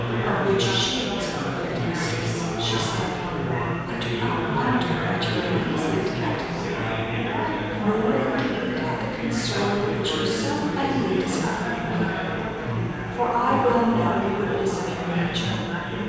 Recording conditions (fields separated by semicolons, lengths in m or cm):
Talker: one person; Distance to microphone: 7.1 m; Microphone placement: far; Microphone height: 1.7 m; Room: very reverberant, large; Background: babble